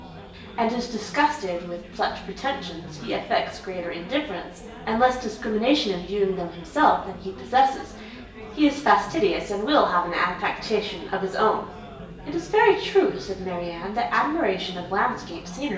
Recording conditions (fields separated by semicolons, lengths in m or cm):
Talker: one person; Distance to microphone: 1.8 m; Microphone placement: close; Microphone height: 1.0 m; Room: large; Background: babble